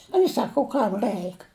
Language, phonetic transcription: Lithuanian, ui ˈsaku u ˈkam ˈrɜik

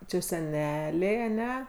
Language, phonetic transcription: Lithuanian, ˈčia seˈneliai aˈne

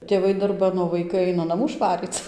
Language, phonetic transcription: Lithuanian, tėˈvai darˈban o vaiˈkai ˈaina naˈmų ˈšvaryc

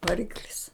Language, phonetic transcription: Lithuanian, vaˈriklis

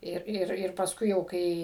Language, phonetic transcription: Lithuanian, ˈir ˈir ir pasˈkui jau ˈkai

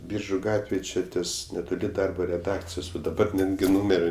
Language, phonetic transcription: Lithuanian, ˈbyržu ˈgatvėj ˈči ˈties netoˈli ˈdarbo reˈdakcijos vat daˈbar ˈnetgi ˈnūmeri

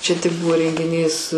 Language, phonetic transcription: Lithuanian, ˈčia tik ˈbuvo rengiˈnys

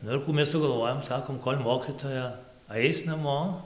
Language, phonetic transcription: Lithuanian, ˈnu ir ˈkų mes ˈsugalˈvojom ˈsakom ˈkol' ˈmokitoja ˈais naˈmo

